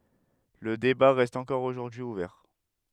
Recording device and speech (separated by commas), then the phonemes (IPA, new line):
headset microphone, read sentence
lə deba ʁɛst ɑ̃kɔʁ oʒuʁdyi uvɛʁ